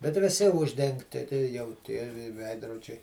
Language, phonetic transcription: Lithuanian, bet viˈsi ˈuždengti jau ˈtie vi ˈveidrodžiai

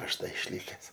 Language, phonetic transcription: Lithuanian, ˈaš ˈda išˈlikes

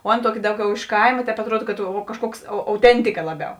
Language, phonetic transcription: Lithuanian, o ˈaˌna ˈtuoˌki ˈdauˌgiau iš ˈkaima ˈtēp atˈruod kad o kažˈkuoks au auˈtentika ˈlaˌbiau

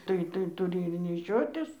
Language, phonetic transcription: Lithuanian, ˈtai tai tuˈri ir neˈšiotis

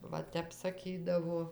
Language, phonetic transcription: Lithuanian, ˈva ˈtep saˈkydavo

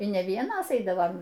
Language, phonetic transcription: Lithuanian, y ne ˈvienos ˈeidavam

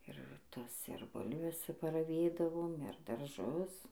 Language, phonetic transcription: Lithuanian, ir ˈtas ir ˈbulves paraˈvėdavom ir darˈžus

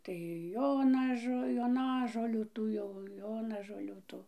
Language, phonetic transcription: Lithuanian, tai ˈjonažo joˈnažolių ˈtų jau ˈjonažolių ˈtų

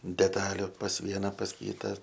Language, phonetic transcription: Lithuanian, deˈtaliu pas ˈviena pas ˈkyta

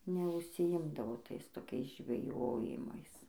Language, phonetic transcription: Lithuanian, neužsiˈimdavo ˈtais toˈkiais žveˈjojimais

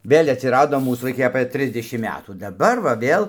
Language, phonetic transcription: Lithuanian, ˈvėl' atsiˈrado ˈmūs vaiˈkai apɘ ˈtrisdešim ˈmetų daˈbar va ˈvėl

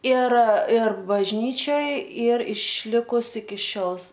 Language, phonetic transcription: Lithuanian, ir ir bažˈnyčioj ˈyr išˈlikus iki ˈšiol

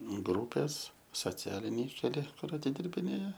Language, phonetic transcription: Lithuanian, ˈgrūpės soˈcialiniai keˈli ˈkur atidirbiˈnėja

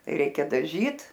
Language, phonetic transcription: Lithuanian, ˈreikia daˈžyt

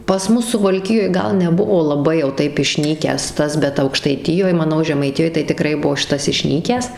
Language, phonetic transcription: Lithuanian, pas ˈmus suvalˈkijoj ˈgal neˈbuvo laˈbai jau ˈtaip išˈnykęs ˈtas bet aukštaiˈtijoj maˈnau žemaiˈtijoj tai tiˈkrai ˈbuo ˈšitas išˈnykęs

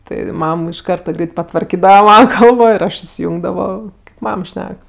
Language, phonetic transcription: Lithuanian, tai ˈmam iš ˈkarta ˈgreit patvarˈkydava ˈmana ˈkalbo ir ˈaš isiˈjungdavo ˈmam ˈšnek

